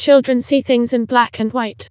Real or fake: fake